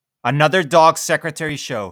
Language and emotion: English, happy